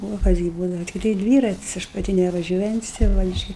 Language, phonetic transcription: Lithuanian, o ˈkas gi ˈbūdava tikˈtai ˈdvyratis ˈaš paˈti nevaˈžiuojantis tai ˈva iš ˈčia

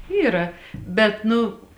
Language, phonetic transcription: Lithuanian, ˈyra bet ˈnu

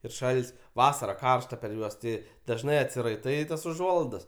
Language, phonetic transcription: Lithuanian, ir ˈšalt's' ˈvasara ˈkaršta per ˈjuos ti dažˈnai atsiraiˈtai tas uˈžuolaidas

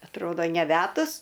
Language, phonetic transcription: Lithuanian, atˈrodo neˈvedus

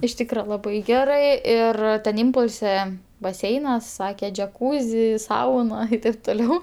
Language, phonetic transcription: Lithuanian, iš ˈtykra laˈbai ˈgerɜ ˈir ten ˈimpulse baˈseinas ˈsake džeˈkūzi ˈsauna i ˈtaip toˈliau

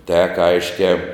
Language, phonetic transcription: Lithuanian, tek ˈaiškiā

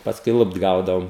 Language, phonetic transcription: Lithuanian, pasˈkui ˈlupt ˈgaudaom

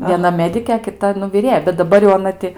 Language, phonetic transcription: Lithuanian, vieˈna ˈmedikė a kiˈta nu viˈrėja bet daˈbar jau aˈna ti

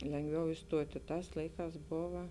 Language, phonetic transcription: Lithuanian, lengˈviau isˈtuoti ˈtās ˈlaiˌkās ˈbova

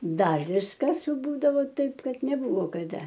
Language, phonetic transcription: Lithuanian, ˈdar ˈviskas ˈbūdavo ˈtaip ˈkad neˈbuvo kaˈda

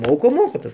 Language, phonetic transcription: Lithuanian, ˈmoko ˈmoko ˈtas

